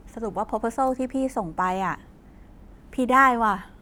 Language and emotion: Thai, happy